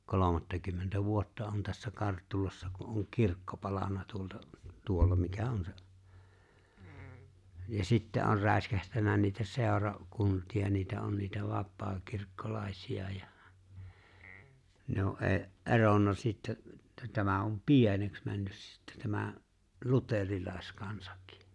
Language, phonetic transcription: Finnish, 'kolomattakymmentä "vuotta on tässä 'Karttulassa ku ’oŋ "kirkko palan̆na 'tuolta , 'tuolla mikä "on se , ja 'sittä on 'rä̀eskähtännä niitä 'sèora- , 'kunt̀ia niitä 'on niitä 'vappaakirkkolàesi₍a ja , ne o 'ee- , 'e̬ronna sittä , ᵉttä 'tämä om "pieneks 'männys sⁱttᴀ̈ tämä , "luterilàeskansᴀk̀ɪ .
- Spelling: kolmattakymmentä vuotta on tässä Karttulassa kun on kirkko palanut tuolta tuolla mikä on se ja sitten on räiskähtänyt niitä - seurakuntia niitä on niitä vapaakirkkolaisia ja ne on - eronnut sitten että tämä on pieneksi mennyt sitten tämä luterilaiskansakin

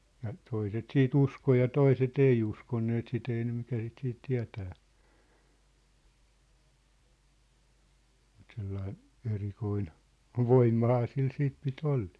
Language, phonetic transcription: Finnish, ja , 'toiset "sii"t ‿usko ja 'toiset "ei uskonneet 'sit ‿ei ne mikä sit siit 'tiä̭tää , mut sellai , 'erikoin , "voimmahaa sil 'siit pi't ‿olʟᴇᴇ .
- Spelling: ja toiset sitten uskoi ja toiset ei uskoneet sitä ei ne mikä sitä sitten tietää mutta sellainen erikoinen voimahan sillä sitten piti olla

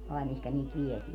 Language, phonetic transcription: Finnish, ai̮ 'mihkä niit "viɛtii ?
- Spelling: ai mihin niitä vietiin

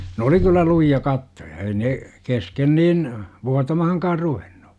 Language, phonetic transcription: Finnish, nᵉ oli kyllä 'luji₍a 'kattoja ei 'ne , "kesken 'niin , "vuatamahaŋkaar 'ruvenNU .
- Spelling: ne oli kyllä lujia kattoja ei ne kesken niin vuotamaankaan ruvennut

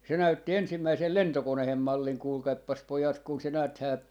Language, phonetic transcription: Finnish, 'se 'näytti 'ensimmäisel "lentokonehem 'malliŋ 'kuulkaippas 'pojat kun se 'nääthää ,.
- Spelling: se näytti ensimmäisen lentokoneen mallin kuulkaapas pojat kun se näethän

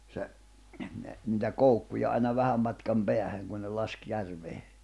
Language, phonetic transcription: Finnish, se , ne , nⁱtä "koukkuja aina 'vähäm matkam "peähäŋ kun ne 'lask 'järvee .
- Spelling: se ne niitä koukkuja aina vähän matkan päähän kun ne laski järveen

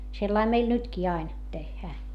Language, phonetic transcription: Finnish, sellaim meil nytkii ain , tehhää .
- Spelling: sellainen meillä nytkin aina tehdään

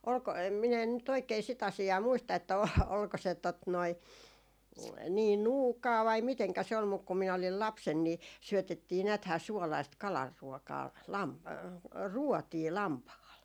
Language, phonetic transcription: Finnish, olko , min ‿en nyt oikei 'sit ‿asi₍aa 'muista että o- , olko se tot noi , 'nii "nuukaa vai miteŋkä se ol 'muk ku minä olil 'lapsen ni , 'syötettii 'nääthää 'suolaist "kalar'ruotaa 'lam- , "ruotii 'lampahal .
- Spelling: oliko minä en nyt oikein sitä asiaa muista että - oliko se tuota noin niin nuukaa vai miten se oli mutta kun minä olin lapsena niin syötettiin näethän suolaista kalanruotaa - ruotia lampaalle

